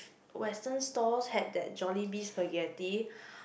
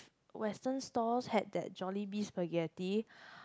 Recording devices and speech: boundary microphone, close-talking microphone, conversation in the same room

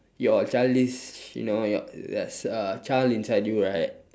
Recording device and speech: standing microphone, conversation in separate rooms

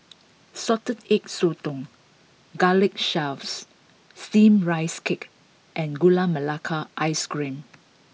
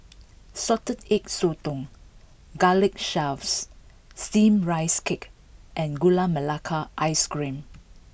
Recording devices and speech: mobile phone (iPhone 6), boundary microphone (BM630), read sentence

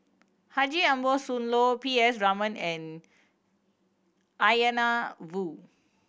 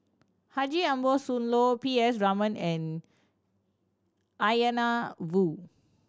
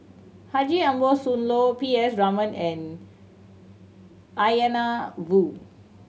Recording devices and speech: boundary microphone (BM630), standing microphone (AKG C214), mobile phone (Samsung C7100), read sentence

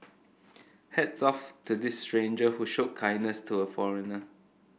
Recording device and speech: boundary microphone (BM630), read sentence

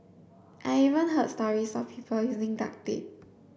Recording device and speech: boundary microphone (BM630), read sentence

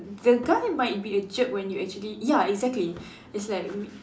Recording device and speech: standing microphone, conversation in separate rooms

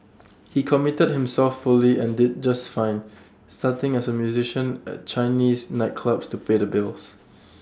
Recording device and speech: standing microphone (AKG C214), read sentence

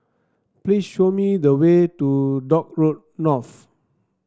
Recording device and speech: standing microphone (AKG C214), read sentence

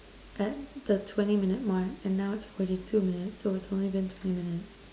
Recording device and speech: standing microphone, conversation in separate rooms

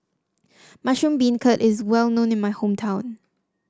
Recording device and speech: standing microphone (AKG C214), read sentence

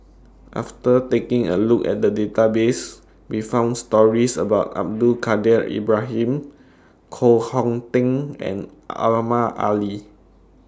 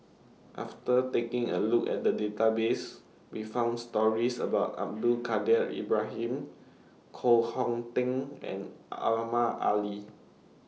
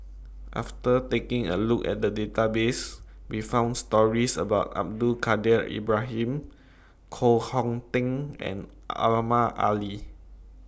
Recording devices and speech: standing microphone (AKG C214), mobile phone (iPhone 6), boundary microphone (BM630), read sentence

